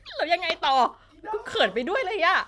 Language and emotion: Thai, happy